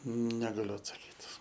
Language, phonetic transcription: Lithuanian, negaˈliu atsaˈkyt

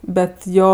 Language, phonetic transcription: Lithuanian, ˈbet ˈjo

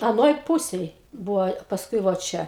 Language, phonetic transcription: Lithuanian, aˈnoj ˈpūsėj ˈbūvo pasˈkui vo ˈčia

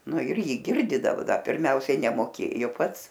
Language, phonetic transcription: Lithuanian, ˈnu ir ˈjį ˈgirdydavu ˈdar pirˈmiausiai nemoˈkėjo ˈpats

